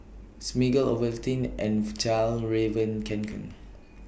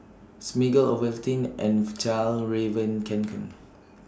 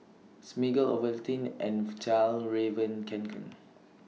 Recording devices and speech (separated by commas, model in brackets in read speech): boundary microphone (BM630), standing microphone (AKG C214), mobile phone (iPhone 6), read sentence